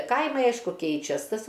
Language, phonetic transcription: Lithuanian, ˈkaimai ˈaišku ˈkeičias ˈtas

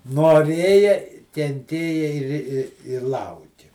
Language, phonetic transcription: Lithuanian, noˈrėja kenˈtėja ir i i ir ˈlauki

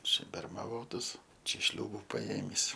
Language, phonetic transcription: Lithuanian, ˈčia bermaˈvotas ˈčia ˈšliūbu paˈėmįs

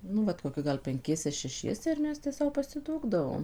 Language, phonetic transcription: Lithuanian, ˈnu vat koˈki ˈgal penˈkiese šeˈšiese ir ˈmes tę ˈsau pasiˈdūkdavom

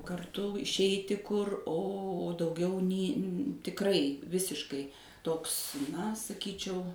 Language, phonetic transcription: Lithuanian, karˈtu išˈeiti ˈkur o dauˈgiau ni tikˈrai ˈvisiškai ˈtoks na saˈkyčiau

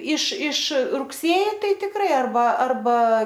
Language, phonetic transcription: Lithuanian, iš iš rugˈsėji ˈtai tikˈrai arˈba arˈba

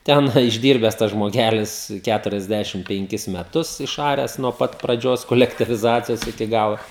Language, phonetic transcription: Lithuanian, ˈten išˈdyrbes tas žmoˈgelis ˈkæturiasˌdæšim penˈkis meˈtus išˈaręs nuo ˈpat praˈdžios kolektyviˈzacijos iki ˈgalo

